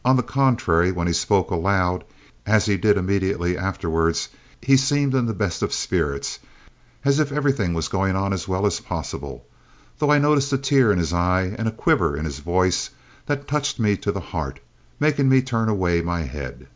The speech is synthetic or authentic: authentic